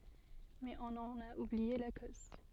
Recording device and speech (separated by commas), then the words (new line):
soft in-ear microphone, read sentence
Mais on en a oublié la cause.